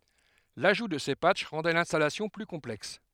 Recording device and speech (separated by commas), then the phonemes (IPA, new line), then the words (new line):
headset microphone, read sentence
laʒu də se patʃ ʁɑ̃dɛ lɛ̃stalasjɔ̃ ply kɔ̃plɛks
L'ajout de ces patchs rendaient l'installation plus complexe.